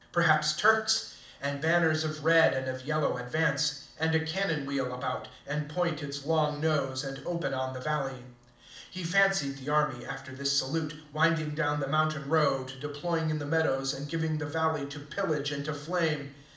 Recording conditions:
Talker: one person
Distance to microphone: 2.0 m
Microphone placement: close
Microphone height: 99 cm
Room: medium-sized (5.7 m by 4.0 m)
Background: none

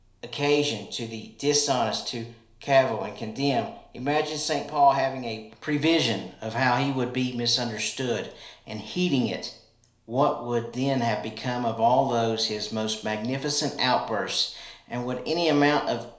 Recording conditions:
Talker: one person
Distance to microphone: 1.0 m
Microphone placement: close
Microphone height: 1.1 m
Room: small (3.7 m by 2.7 m)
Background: none

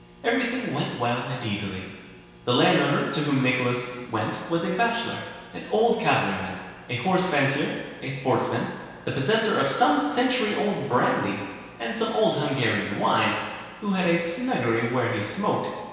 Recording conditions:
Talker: one person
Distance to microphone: 1.7 m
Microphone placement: close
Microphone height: 1.0 m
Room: very reverberant, large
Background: none

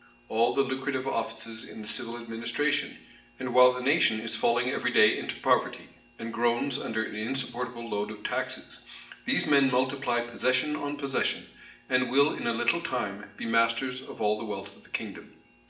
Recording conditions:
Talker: one person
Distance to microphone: 1.8 m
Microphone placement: close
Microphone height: 1.0 m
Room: large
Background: none

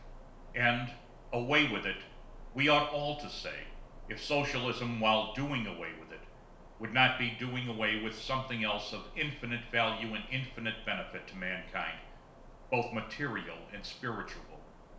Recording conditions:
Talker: one person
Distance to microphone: 1.0 m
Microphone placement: close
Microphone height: 1.1 m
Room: small (3.7 m by 2.7 m)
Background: none

